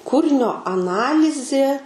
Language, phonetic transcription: Lithuanian, ˈkūrinio aˈnalizė

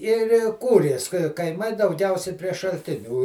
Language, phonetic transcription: Lithuanian, ir i ˈkūrės kaiˈmai dauˈgiausiai prie šalˈtinių

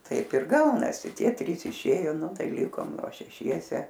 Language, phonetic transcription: Lithuanian, ˈtaip ir ˈgaunasi ˈtieˈ trys iˈšėjo ˈnu ˈtai ˈlikom ˈva šeˈšiese

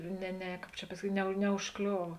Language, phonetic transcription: Lithuanian, ne ˈne ˈkāp čia pasaˈkyt' ne neužˈkliova

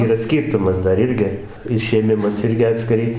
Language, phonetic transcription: Lithuanian, ˈyra ˈskyrtumas ˈdar ˈirgi išėˈmimas ˈirgi atskiˈrai

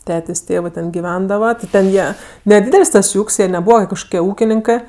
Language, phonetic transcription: Lithuanian, ˈtetės' ˈtėvɜ ten giˈvendava ti ten ˈjie neˈdydel's' ˈtas ˈjų ˈūk's' jie neˈbūva kažˈkokie ˈūkininkɜ

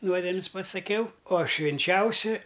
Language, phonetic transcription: Lithuanian, ˈnuodemis pasaˈkiau o švinˈčiausi

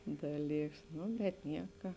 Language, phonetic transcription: Lithuanian, ˈdaˌlyks ˈnu bet ˈnieka

